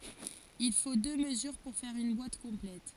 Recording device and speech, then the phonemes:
forehead accelerometer, read sentence
il fo dø məzyʁ puʁ fɛʁ yn bwat kɔ̃plɛt

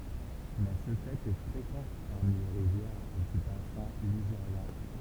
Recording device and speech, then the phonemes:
temple vibration pickup, read sentence
mɛ sə fɛt ɛ fʁekɑ̃ paʁmi le ʁivjɛʁ dy basɛ̃ liʒeʁjɛ̃

